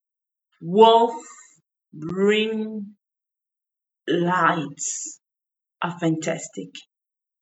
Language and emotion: English, sad